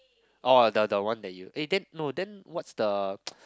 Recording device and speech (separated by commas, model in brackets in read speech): close-talking microphone, conversation in the same room